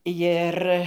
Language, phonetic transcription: Lithuanian, ˈjir

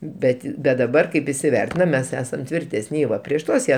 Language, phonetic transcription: Lithuanian, ˈbet' bet daˈbar kaip isiˈvertinam ˈmes ˈesam tvirˈtesni ˈva prieš ˈtuos ˈjie

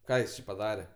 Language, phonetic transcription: Lithuanian, ˈką jis či paˈdare

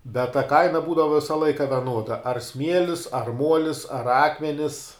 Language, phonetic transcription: Lithuanian, bet ta ˈkaina ˈbūdava ˈvisa ˈlaika veˈnuoda ar ˈsmielis ar ˈmuolis ar ˈakmenis

